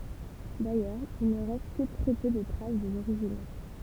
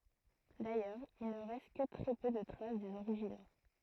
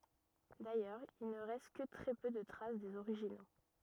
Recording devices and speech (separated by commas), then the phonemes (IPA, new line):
temple vibration pickup, throat microphone, rigid in-ear microphone, read sentence
dajœʁz il nə ʁɛst kə tʁɛ pø də tʁas dez oʁiʒino